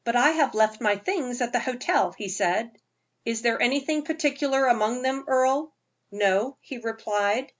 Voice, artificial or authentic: authentic